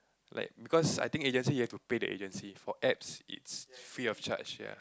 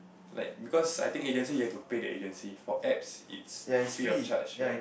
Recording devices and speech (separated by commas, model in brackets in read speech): close-talking microphone, boundary microphone, conversation in the same room